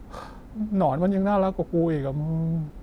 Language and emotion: Thai, sad